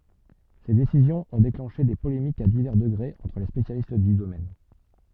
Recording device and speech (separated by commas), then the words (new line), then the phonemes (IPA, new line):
soft in-ear microphone, read sentence
Ces décisions ont déclenché des polémiques à divers degrés entre les spécialistes du domaine.
se desizjɔ̃z ɔ̃ deklɑ̃ʃe de polemikz a divɛʁ dəɡʁez ɑ̃tʁ le spesjalist dy domɛn